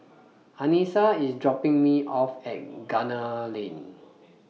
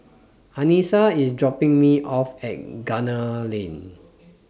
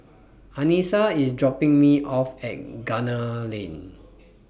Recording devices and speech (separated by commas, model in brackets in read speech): mobile phone (iPhone 6), standing microphone (AKG C214), boundary microphone (BM630), read sentence